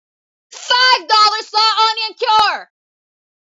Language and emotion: English, angry